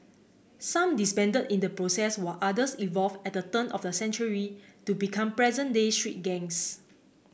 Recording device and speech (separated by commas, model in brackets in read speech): boundary microphone (BM630), read sentence